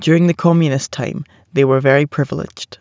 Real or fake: real